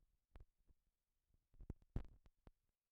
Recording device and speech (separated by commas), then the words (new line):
rigid in-ear microphone, read sentence
Elle produisait une bière brune.